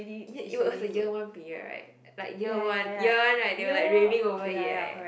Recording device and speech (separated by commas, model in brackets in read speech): boundary microphone, conversation in the same room